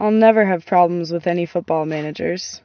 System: none